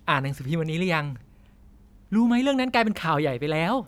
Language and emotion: Thai, happy